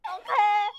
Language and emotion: Thai, happy